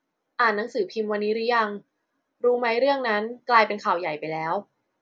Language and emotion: Thai, neutral